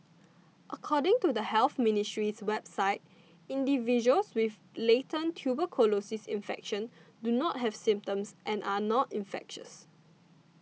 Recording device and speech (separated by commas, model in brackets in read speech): mobile phone (iPhone 6), read sentence